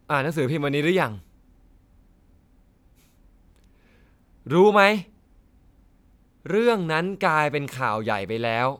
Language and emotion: Thai, frustrated